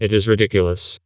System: TTS, vocoder